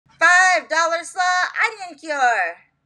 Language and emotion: English, surprised